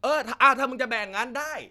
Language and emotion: Thai, angry